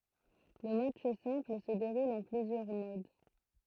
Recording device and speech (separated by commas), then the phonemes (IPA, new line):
throat microphone, read sentence
lə matʃ sɛ̃pl sə deʁul ɑ̃ plyzjœʁ mod